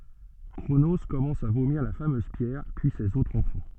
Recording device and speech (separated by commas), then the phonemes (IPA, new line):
soft in-ear microphone, read sentence
kʁono kɔmɑ̃s a vomiʁ la famøz pjɛʁ pyi sez otʁz ɑ̃fɑ̃